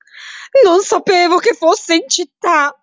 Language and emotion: Italian, fearful